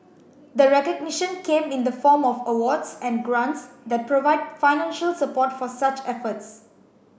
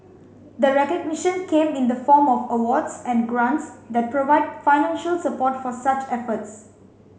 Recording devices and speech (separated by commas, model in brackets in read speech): boundary microphone (BM630), mobile phone (Samsung C5), read sentence